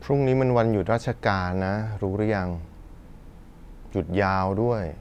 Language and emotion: Thai, frustrated